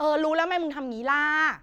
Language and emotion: Thai, frustrated